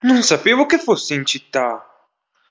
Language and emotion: Italian, surprised